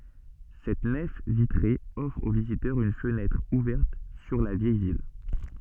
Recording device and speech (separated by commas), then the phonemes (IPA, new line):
soft in-ear microphone, read sentence
sɛt nɛf vitʁe ɔfʁ o vizitœʁz yn fənɛtʁ uvɛʁt syʁ la vjɛj vil